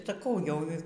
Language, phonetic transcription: Lithuanian, saˈkau ˈjau

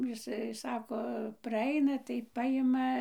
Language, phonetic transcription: Lithuanian, jiˈsai ˈsako praˈaina tai ˈpajima

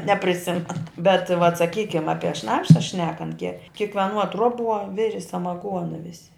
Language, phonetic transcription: Lithuanian, nepriˈsimen bet vat saˈkykim ˈapie ˈšnapša ˈšnekant ke kikveˈnuo ˈtruoˌbuo ˈviri samaˈguona ˈvisi

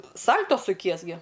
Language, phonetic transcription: Lithuanian, ˈsal'to suˈkies gi

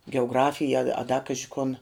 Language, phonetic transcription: Lithuanian, geuˈgrafija a a da ˈkaži kun

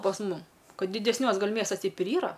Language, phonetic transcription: Lithuanian, pas ˈmum ˈkad didesˈniuos ˈgal' ˈmiestas ˈteip ir ˈyra

